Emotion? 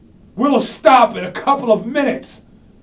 angry